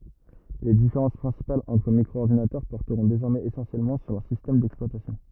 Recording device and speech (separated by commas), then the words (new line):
rigid in-ear microphone, read sentence
Les différences principales entre micro-ordinateurs porteront désormais essentiellement sur leurs systèmes d'exploitation.